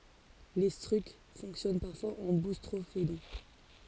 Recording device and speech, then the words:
forehead accelerometer, read sentence
L'étrusque fonctionne parfois en boustrophédon.

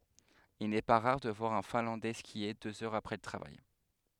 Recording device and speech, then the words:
headset microphone, read sentence
Il n'est pas rare de voir un Finlandais skier deux heures après le travail.

